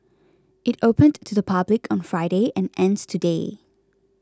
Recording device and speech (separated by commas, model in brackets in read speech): close-talking microphone (WH20), read sentence